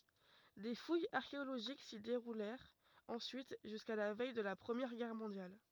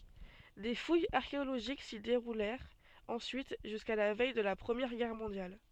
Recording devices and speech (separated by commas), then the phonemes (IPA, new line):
rigid in-ear microphone, soft in-ear microphone, read sentence
de fujz aʁkeoloʒik si deʁulɛʁt ɑ̃syit ʒyska la vɛj də la pʁəmjɛʁ ɡɛʁ mɔ̃djal